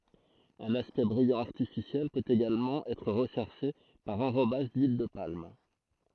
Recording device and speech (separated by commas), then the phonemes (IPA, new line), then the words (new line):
throat microphone, read sentence
œ̃n aspɛkt bʁijɑ̃ aʁtifisjɛl pøt eɡalmɑ̃ ɛtʁ ʁəʃɛʁʃe paʁ ɑ̃ʁobaʒ dyil də palm
Un aspect brillant artificiel peut également être recherché par enrobage d'huile de palme.